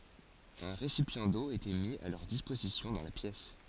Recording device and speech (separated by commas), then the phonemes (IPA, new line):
forehead accelerometer, read sentence
œ̃ ʁesipjɑ̃ do etɛ mi a lœʁ dispozisjɔ̃ dɑ̃ la pjɛs